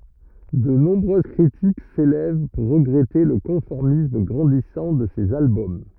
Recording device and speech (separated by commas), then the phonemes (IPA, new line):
rigid in-ear microphone, read sentence
də nɔ̃bʁøz kʁitik selɛv puʁ ʁəɡʁɛte lə kɔ̃fɔʁmism ɡʁɑ̃disɑ̃ də sez albɔm